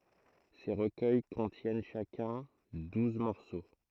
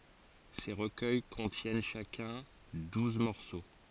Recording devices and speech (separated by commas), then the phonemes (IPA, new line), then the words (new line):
throat microphone, forehead accelerometer, read sentence
se ʁəkœj kɔ̃tjɛn ʃakœ̃ duz mɔʁso
Ces recueils contiennent chacun douze morceaux.